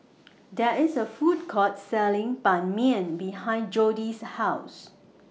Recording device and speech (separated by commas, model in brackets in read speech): mobile phone (iPhone 6), read sentence